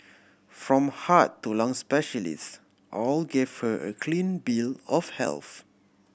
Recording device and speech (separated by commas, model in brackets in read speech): boundary microphone (BM630), read sentence